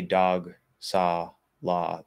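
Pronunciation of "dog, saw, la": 'Dog', 'saw' and 'la' all have exactly the same vowel, an ah sound.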